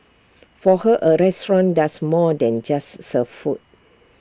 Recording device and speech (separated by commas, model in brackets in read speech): standing microphone (AKG C214), read sentence